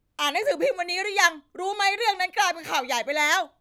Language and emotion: Thai, angry